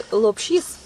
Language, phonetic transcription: Lithuanian, lopˈšys

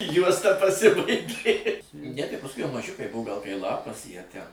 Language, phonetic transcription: Lithuanian, ˈjuosta paˈsibaigė ne tai pasˈkui jau maˈžiukai ˈbuvo gal kai ˈlapas ˈjie ˈten

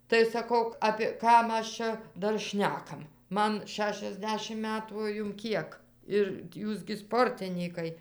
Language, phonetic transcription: Lithuanian, tai saˈkau ˈapė ˈkam ˈaš ˈčia ˈdar ˈšnekam ˈman ˌšešiasˈdešim ˈmetų o ˈjum ˈkiek ir ˈjūs gi ˈsportinykai

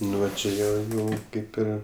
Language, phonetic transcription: Lithuanian, ˈnu va čia ˈjie ˈjau ˈkaip ˈir

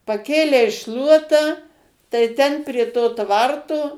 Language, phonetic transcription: Lithuanian, paˈkėlei ˈšluotą tai ˈten prie ˈto ˈtvarto

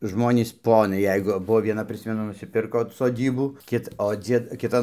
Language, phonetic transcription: Lithuanian, ˈžmonys ˈponai ˈjeigu ˈbuvo vieˈna ˈprismenu nusiˈpirko soˈdybų ˈkit o ˈdzied ˈkitan

